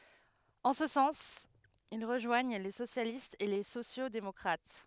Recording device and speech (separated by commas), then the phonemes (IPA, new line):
headset microphone, read sentence
ɑ̃ sə sɑ̃s il ʁəʒwaɲ le sosjalistz e le sosjoksdemɔkʁat